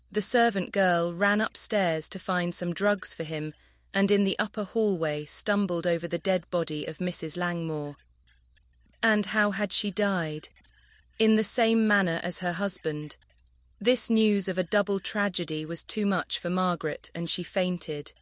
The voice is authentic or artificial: artificial